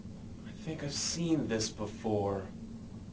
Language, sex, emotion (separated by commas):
English, male, neutral